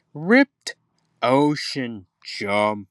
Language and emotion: English, sad